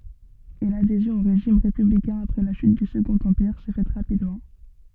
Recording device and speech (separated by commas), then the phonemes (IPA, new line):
soft in-ear microphone, read sentence
e ladezjɔ̃ o ʁeʒim ʁepyblikɛ̃ apʁɛ la ʃyt dy səɡɔ̃t ɑ̃piʁ sɛ fɛt ʁapidmɑ̃